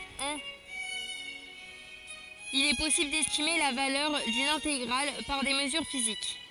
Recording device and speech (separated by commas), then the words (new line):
forehead accelerometer, read sentence
Il est possible d'estimer la valeur d'une intégrale par des mesures physiques.